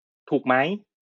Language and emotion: Thai, neutral